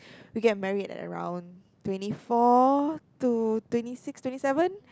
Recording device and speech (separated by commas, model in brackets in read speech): close-talking microphone, conversation in the same room